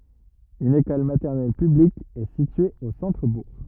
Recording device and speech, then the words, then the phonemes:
rigid in-ear microphone, read sentence
Une école maternelle publique est située au centre-bourg.
yn ekɔl matɛʁnɛl pyblik ɛ sitye o sɑ̃tʁəbuʁ

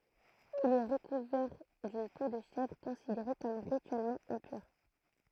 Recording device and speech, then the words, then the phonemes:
throat microphone, read sentence
Il est recouvert d'une peau de chèvre, considérée comme rituellement impure.
il ɛ ʁəkuvɛʁ dyn po də ʃɛvʁ kɔ̃sideʁe kɔm ʁityɛlmɑ̃ ɛ̃pyʁ

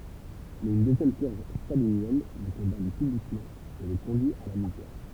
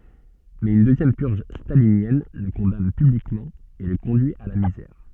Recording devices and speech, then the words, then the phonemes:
temple vibration pickup, soft in-ear microphone, read sentence
Mais une deuxième purge stalinienne le condamne publiquement et le conduit à la misère.
mɛz yn døzjɛm pyʁʒ stalinjɛn lə kɔ̃dan pyblikmɑ̃ e lə kɔ̃dyi a la mizɛʁ

